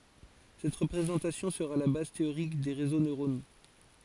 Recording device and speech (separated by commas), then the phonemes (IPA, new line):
forehead accelerometer, read sentence
sɛt ʁəpʁezɑ̃tasjɔ̃ səʁa la baz teoʁik de ʁezo nøʁono